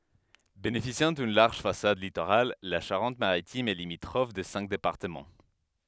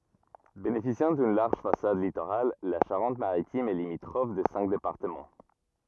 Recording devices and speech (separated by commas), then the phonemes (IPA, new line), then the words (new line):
headset microphone, rigid in-ear microphone, read sentence
benefisjɑ̃ dyn laʁʒ fasad litoʁal la ʃaʁɑ̃t maʁitim ɛ limitʁɔf də sɛ̃k depaʁtəmɑ̃
Bénéficiant d'une large façade littorale, la Charente-Maritime est limitrophe de cinq départements.